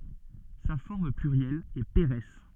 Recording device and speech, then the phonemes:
soft in-ear microphone, read sentence
sa fɔʁm plyʁjɛl ɛ peʁɛs

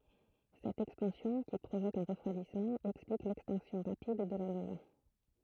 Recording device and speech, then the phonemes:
throat microphone, read sentence
sɛt ɛkspɑ̃sjɔ̃ ki pʁovok œ̃ ʁəfʁwadismɑ̃ ɛksplik lɛkstɛ̃ksjɔ̃ ʁapid də la nova

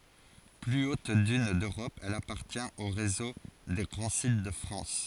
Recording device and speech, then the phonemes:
forehead accelerometer, read sentence
ply ot dyn døʁɔp ɛl apaʁtjɛ̃t o ʁezo de ɡʁɑ̃ sit də fʁɑ̃s

